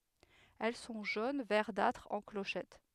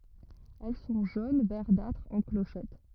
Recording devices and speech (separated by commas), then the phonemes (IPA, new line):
headset microphone, rigid in-ear microphone, read sentence
ɛl sɔ̃ ʒon vɛʁdatʁ ɑ̃ kloʃɛt